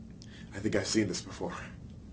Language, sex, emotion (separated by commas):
English, male, fearful